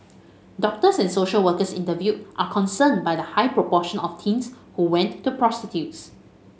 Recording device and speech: mobile phone (Samsung S8), read sentence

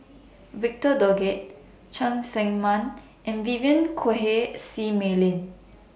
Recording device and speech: boundary microphone (BM630), read sentence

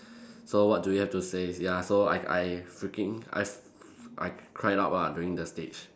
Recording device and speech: standing microphone, conversation in separate rooms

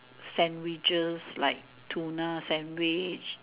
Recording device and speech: telephone, conversation in separate rooms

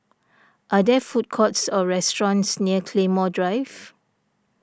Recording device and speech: standing microphone (AKG C214), read sentence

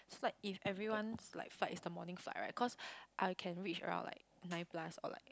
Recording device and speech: close-talking microphone, conversation in the same room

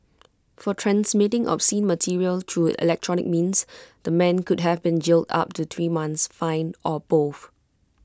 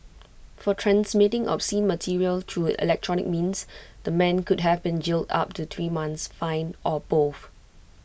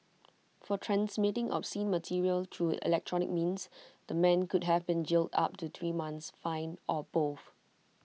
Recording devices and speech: close-talking microphone (WH20), boundary microphone (BM630), mobile phone (iPhone 6), read sentence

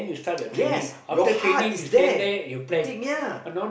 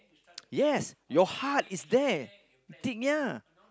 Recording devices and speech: boundary microphone, close-talking microphone, conversation in the same room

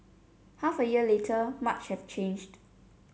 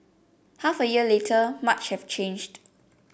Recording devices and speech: mobile phone (Samsung C7), boundary microphone (BM630), read sentence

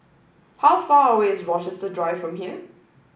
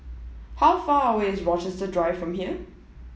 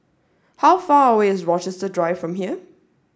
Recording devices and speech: boundary microphone (BM630), mobile phone (iPhone 7), standing microphone (AKG C214), read sentence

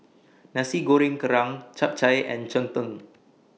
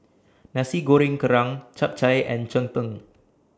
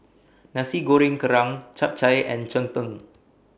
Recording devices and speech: mobile phone (iPhone 6), standing microphone (AKG C214), boundary microphone (BM630), read sentence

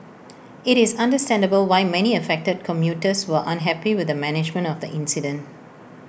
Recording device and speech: boundary microphone (BM630), read sentence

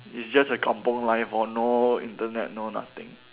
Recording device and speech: telephone, conversation in separate rooms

